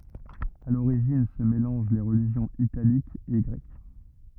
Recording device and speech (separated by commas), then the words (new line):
rigid in-ear microphone, read sentence
À l'origine se mélangent les religions italiques et grecques.